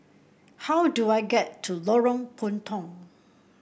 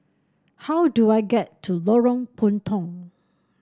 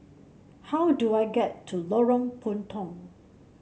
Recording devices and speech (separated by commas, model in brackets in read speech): boundary microphone (BM630), standing microphone (AKG C214), mobile phone (Samsung C7), read sentence